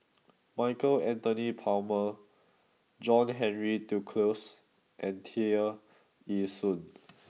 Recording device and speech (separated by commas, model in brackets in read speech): mobile phone (iPhone 6), read sentence